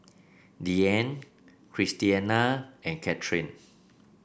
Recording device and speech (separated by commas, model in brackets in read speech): boundary microphone (BM630), read sentence